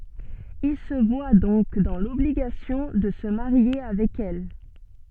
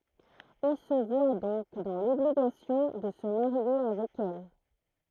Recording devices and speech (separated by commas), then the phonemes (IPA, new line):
soft in-ear microphone, throat microphone, read sentence
il sə vwa dɔ̃k dɑ̃ lɔbliɡasjɔ̃ də sə maʁje avɛk ɛl